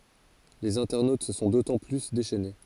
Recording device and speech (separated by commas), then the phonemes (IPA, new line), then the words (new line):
forehead accelerometer, read sentence
lez ɛ̃tɛʁnot sə sɔ̃ dotɑ̃ ply deʃɛne
Les internautes se sont d'autant plus déchaînés.